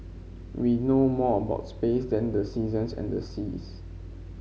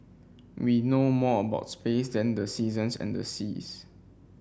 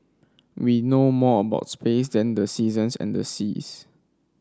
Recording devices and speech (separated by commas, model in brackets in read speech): mobile phone (Samsung C5), boundary microphone (BM630), standing microphone (AKG C214), read sentence